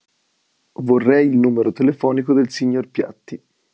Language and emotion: Italian, neutral